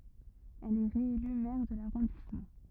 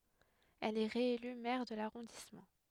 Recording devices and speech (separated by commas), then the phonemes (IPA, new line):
rigid in-ear microphone, headset microphone, read sentence
ɛl ɛ ʁeely mɛʁ də laʁɔ̃dismɑ̃